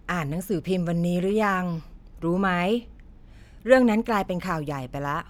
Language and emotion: Thai, neutral